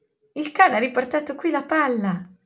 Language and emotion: Italian, happy